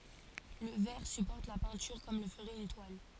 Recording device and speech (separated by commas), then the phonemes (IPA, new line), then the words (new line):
forehead accelerometer, read sentence
lə vɛʁ sypɔʁt la pɛ̃tyʁ kɔm lə fəʁɛt yn twal
Le verre supporte la peinture comme le ferait une toile.